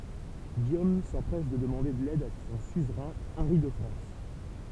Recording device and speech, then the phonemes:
temple vibration pickup, read sentence
ɡijom sɑ̃pʁɛs də dəmɑ̃de lɛd də sɔ̃ syzʁɛ̃ ɑ̃ʁi də fʁɑ̃s

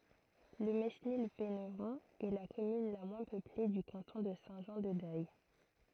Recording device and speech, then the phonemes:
throat microphone, read sentence
lə menil venʁɔ̃ ɛ la kɔmyn la mwɛ̃ pøple dy kɑ̃tɔ̃ də sɛ̃ ʒɑ̃ də dɛj

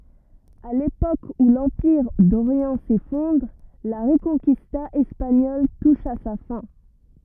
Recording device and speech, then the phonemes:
rigid in-ear microphone, read sentence
a lepok u lɑ̃piʁ doʁjɑ̃ sefɔ̃dʁ la ʁəkɔ̃kista ɛspaɲɔl tuʃ a sa fɛ̃

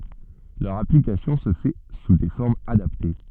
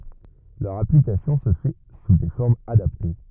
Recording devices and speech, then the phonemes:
soft in-ear microphone, rigid in-ear microphone, read sentence
lœʁ aplikasjɔ̃ sə fɛ su de fɔʁmz adapte

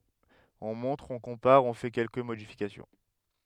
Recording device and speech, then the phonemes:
headset microphone, read sentence
ɔ̃ mɔ̃tʁ ɔ̃ kɔ̃paʁ ɔ̃ fɛ kɛlkə modifikasjɔ̃

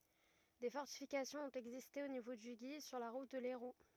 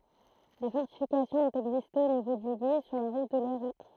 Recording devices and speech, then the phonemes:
rigid in-ear microphone, throat microphone, read sentence
de fɔʁtifikasjɔ̃z ɔ̃t ɛɡziste o nivo dy ɡi syʁ la ʁut də lɛʁu

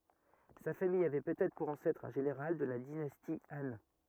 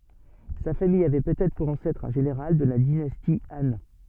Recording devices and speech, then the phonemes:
rigid in-ear microphone, soft in-ear microphone, read sentence
sa famij avɛ pøtɛtʁ puʁ ɑ̃sɛtʁ œ̃ ʒeneʁal də la dinasti ɑ̃

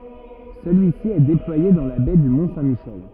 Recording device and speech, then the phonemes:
rigid in-ear microphone, read sentence
səlyisi ɛ deplwaje dɑ̃ la bɛ dy mɔ̃ sɛ̃ miʃɛl

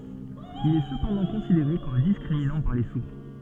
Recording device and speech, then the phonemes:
soft in-ear microphone, read sentence
il ɛ səpɑ̃dɑ̃ kɔ̃sideʁe kɔm diskʁiminɑ̃ paʁ le suʁ

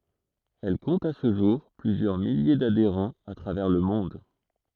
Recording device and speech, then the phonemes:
throat microphone, read sentence
ɛl kɔ̃t a sə ʒuʁ plyzjœʁ milje dadeʁɑ̃z a tʁavɛʁ lə mɔ̃d

